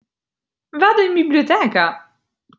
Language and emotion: Italian, surprised